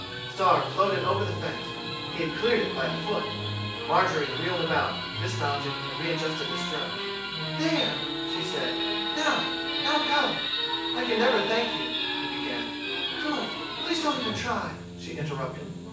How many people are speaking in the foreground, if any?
One person.